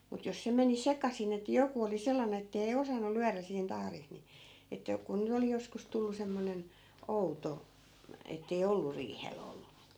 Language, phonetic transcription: Finnish, mut jos 'se meni "sekasin ‿ettᵃ̈ 'joku oli 'sellane ettei 'osannu 'lyärä siin 'tahris ni , että , ku ny't ‿oli joskus 'tullu 'semmonen , "outo , ettei 'ollu 'riihe'l ‿ollu .
- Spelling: mutta jos se meni sekaisin että joku oli sellainen että ei osannut lyödä siinä tahdissa niin että kun nyt oli joskus tullut semmoinen outo että ei ollut riihellä ollut

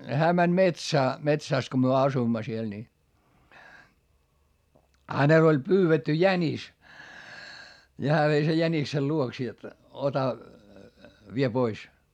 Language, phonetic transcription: Finnish, hää mäń metsää , metsä̀s ko myö asuimma siel ni , hänel ‿oĺ pyyvetty jänis , ni hää vei sej jäniksel luoks jot , ota , vie pois .
- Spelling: hän meni metsään metsässä kun me asuimme siellä niin hänellä oli pyydetty jänis niin hän vei sen jäniksen luokse jotta ota vie pois

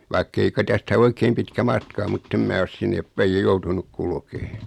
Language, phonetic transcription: Finnish, vaik'kei ka 'tästä "oikeem pitkä 'matka o mutt ‿em 'mää os 'sinneep päij 'ja "joutunuk 'kulkee .
- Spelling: vaikka ei ka tästä oikein pitkä matka ole mutta en minä ole sinne päin ja joutunut kulkemaan

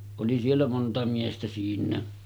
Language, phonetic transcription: Finnish, oli siellä 'monta miestä 'siin̆nää .
- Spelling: oli siellä monta miestä siinäkin

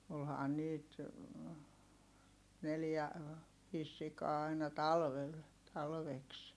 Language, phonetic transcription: Finnish, olhaan niit , neljä , viis sikaa aina talvel , talveks .
- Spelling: olihan niitä neljä viisi sikaa aina talvella talveksi

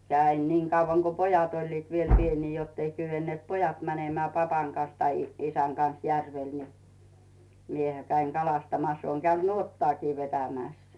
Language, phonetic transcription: Finnish, jä̳ ä̳in 'niiŋ kauvaŋ ko pojat oĺliit viel 'pienii jottei kyvenneet "pojat mänemää papaŋ kan̬s tai isäŋ kan̬s 'järvel ni , 'miehä käiŋ "kalastamas ooŋ käynD "nuottᵒaakii 'vetämä̀s .
- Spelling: ja aina niin kauan kuin pojat olivat vielä pieniä jotta ei kyenneet pojat menemään papan kanssa tai isän kanssa järvelle niin minähän kävin kalastamassa olen käynyt nuottaakin vetämässä

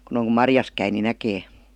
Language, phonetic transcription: Finnish, (kun ‿oŋ ku) ''marjas käi ni "näkee .
- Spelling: kun on kun marjassa käy niin näkee

